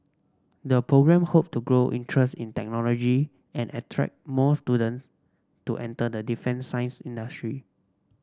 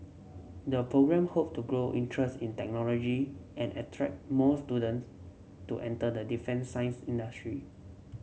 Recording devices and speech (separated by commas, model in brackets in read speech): standing microphone (AKG C214), mobile phone (Samsung C7), read sentence